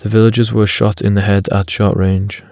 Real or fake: real